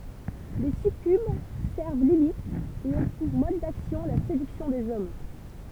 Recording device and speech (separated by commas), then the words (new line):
temple vibration pickup, read sentence
Les succubes servent Lilith et ont pour mode d'action la séduction des hommes.